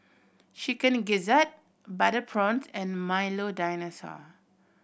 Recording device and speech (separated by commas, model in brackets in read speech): boundary microphone (BM630), read sentence